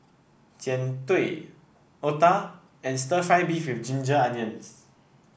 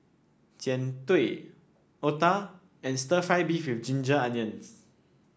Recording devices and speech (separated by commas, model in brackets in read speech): boundary microphone (BM630), standing microphone (AKG C214), read sentence